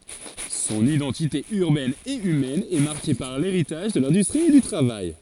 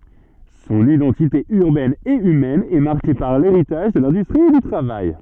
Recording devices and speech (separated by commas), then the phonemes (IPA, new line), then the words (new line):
forehead accelerometer, soft in-ear microphone, read sentence
sɔ̃n idɑ̃tite yʁbɛn e ymɛn ɛ maʁke paʁ leʁitaʒ də lɛ̃dystʁi e dy tʁavaj
Son identité urbaine et humaine est marquée par l’héritage de l’industrie et du travail.